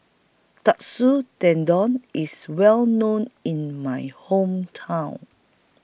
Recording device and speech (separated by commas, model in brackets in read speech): boundary microphone (BM630), read sentence